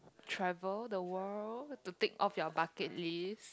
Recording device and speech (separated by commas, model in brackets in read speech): close-talking microphone, conversation in the same room